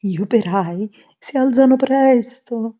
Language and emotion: Italian, fearful